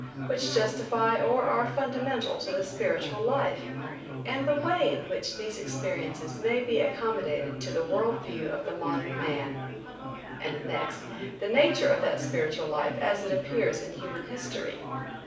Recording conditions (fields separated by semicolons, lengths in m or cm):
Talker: one person; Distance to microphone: 5.8 m; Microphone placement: far; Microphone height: 1.8 m; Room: medium-sized (5.7 m by 4.0 m); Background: babble